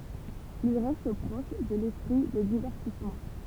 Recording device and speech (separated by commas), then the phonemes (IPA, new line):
temple vibration pickup, read sentence
il ʁɛst pʁɔʃ də lɛspʁi də divɛʁtismɑ̃